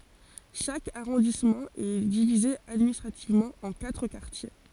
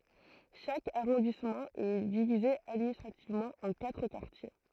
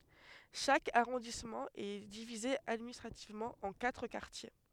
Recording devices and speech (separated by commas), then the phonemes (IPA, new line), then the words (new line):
forehead accelerometer, throat microphone, headset microphone, read sentence
ʃak aʁɔ̃dismɑ̃ ɛ divize administʁativmɑ̃ ɑ̃ katʁ kaʁtje
Chaque arrondissement est divisé administrativement en quatre quartiers.